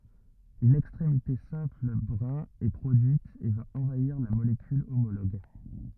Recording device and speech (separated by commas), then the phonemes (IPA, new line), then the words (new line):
rigid in-ear microphone, read sentence
yn ɛkstʁemite sɛ̃pl bʁɛ̃ ɛ pʁodyit e va ɑ̃vaiʁ la molekyl omoloɡ
Une extrémité simple brin est produite et va envahir la molécule homologue.